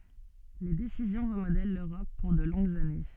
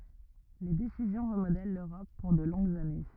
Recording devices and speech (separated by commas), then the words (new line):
soft in-ear microphone, rigid in-ear microphone, read sentence
Les décisions remodèlent l'Europe pour de longues années.